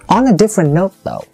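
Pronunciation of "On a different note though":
In 'on a different note though', the voice fluctuates a lot across the phrase.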